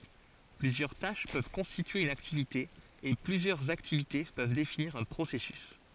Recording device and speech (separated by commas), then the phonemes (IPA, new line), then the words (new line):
forehead accelerometer, read sentence
plyzjœʁ taʃ pøv kɔ̃stitye yn aktivite e plyzjœʁz aktivite pøv definiʁ œ̃ pʁosɛsys
Plusieurs tâches peuvent constituer une activité et plusieurs activités peuvent définir un processus.